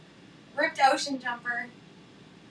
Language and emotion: English, happy